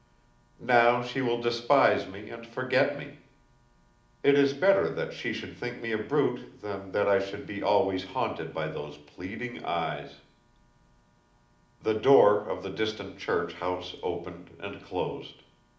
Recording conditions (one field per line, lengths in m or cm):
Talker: one person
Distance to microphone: 2.0 m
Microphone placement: close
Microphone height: 99 cm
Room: medium-sized (5.7 m by 4.0 m)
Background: none